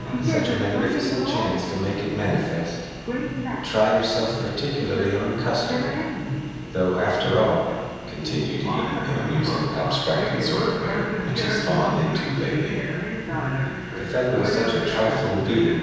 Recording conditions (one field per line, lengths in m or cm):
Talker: one person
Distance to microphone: 7.1 m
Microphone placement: far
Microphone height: 1.7 m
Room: very reverberant, large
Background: television